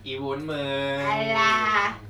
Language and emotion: Thai, happy